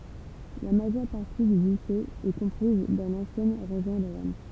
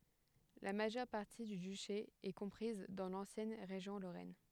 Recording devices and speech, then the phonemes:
temple vibration pickup, headset microphone, read sentence
la maʒœʁ paʁti dy dyʃe ɛ kɔ̃pʁiz dɑ̃ lɑ̃sjɛn ʁeʒjɔ̃ loʁɛn

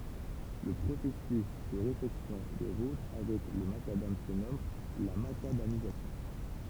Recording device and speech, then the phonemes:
temple vibration pickup, read sentence
lə pʁosɛsys də ʁefɛksjɔ̃ de ʁut avɛk lə makadam sə nɔm la makadamizasjɔ̃

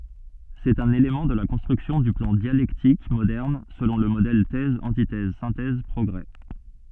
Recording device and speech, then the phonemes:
soft in-ear microphone, read sentence
sɛt œ̃n elemɑ̃ də la kɔ̃stʁyksjɔ̃ dy plɑ̃ djalɛktik modɛʁn səlɔ̃ lə modɛl tɛz ɑ̃titɛz sɛ̃tɛz pʁɔɡʁe

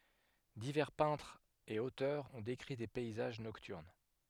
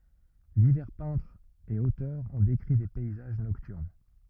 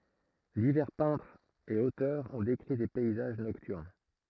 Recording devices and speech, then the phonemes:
headset microphone, rigid in-ear microphone, throat microphone, read sentence
divɛʁ pɛ̃tʁz e otœʁz ɔ̃ dekʁi de pɛizaʒ nɔktyʁn

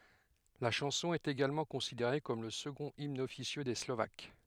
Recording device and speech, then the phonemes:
headset microphone, read sentence
la ʃɑ̃sɔ̃ ɛt eɡalmɑ̃ kɔ̃sideʁe kɔm lə səɡɔ̃t imn ɔfisjø de slovak

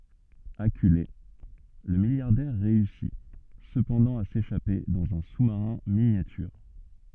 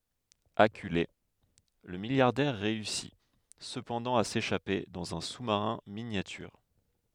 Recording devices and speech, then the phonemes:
soft in-ear microphone, headset microphone, read sentence
akyle lə miljaʁdɛʁ ʁeysi səpɑ̃dɑ̃ a seʃape dɑ̃z œ̃ su maʁɛ̃ minjatyʁ

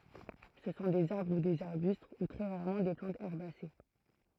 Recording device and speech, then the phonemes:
throat microphone, read sentence
sə sɔ̃ dez aʁbʁ u dez aʁbyst u tʁɛ ʁaʁmɑ̃ de plɑ̃tz ɛʁbase

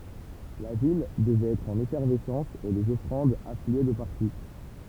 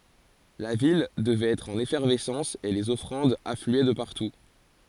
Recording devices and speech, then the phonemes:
temple vibration pickup, forehead accelerometer, read sentence
la vil dəvɛt ɛtʁ ɑ̃n efɛʁvɛsɑ̃s e lez ɔfʁɑ̃dz aflyɛ də paʁtu

